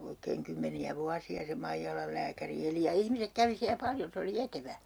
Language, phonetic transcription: Finnish, 'oikeeŋ "kymmeni₍ä 'vuasi₍a se 'Maijalal lääkäri 'eli ja "ihmisek 'kävi siä "paljon̬ se oli 'etevä .
- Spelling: oikein kymmeniä vuosia se Maijalan lääkäri eli ja ihmiset kävi siellä paljon se oli etevä

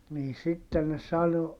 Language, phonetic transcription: Finnish, nii sitten ne sano ,.
- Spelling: niin sitten ne sanoi

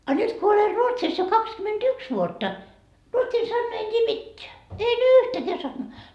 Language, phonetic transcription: Finnish, a 'nyt ko oler 'Ruotsis jo kakskymenD"yks vuotta , 'ruotsin sannaa en t́ii "mitteä , en "yyhtäkää sannaa .
- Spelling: a nyt kun olen Ruotsissa jo kaksikymmentäyksi vuotta ruotsin sanaa en tiedä mitään en yhtäkään sanaa

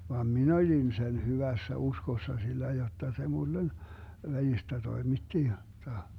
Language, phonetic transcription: Finnish, vam "min ‿oĺin 'sen 'hyvässä 'uskossa sillä jotta se 'mullen , 'välistä 'toimitti jotta ,.
- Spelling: vaan minä olin sen hyvässä uskossa sillä jotta se minulle välistä toimitti jotta

